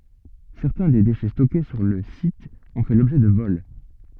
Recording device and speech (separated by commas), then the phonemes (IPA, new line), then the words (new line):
soft in-ear microphone, read sentence
sɛʁtɛ̃ de deʃɛ stɔke syʁ lə sit ɔ̃ fɛ lɔbʒɛ də vɔl
Certains des déchets stockés sur le site ont fait l'objet de vols.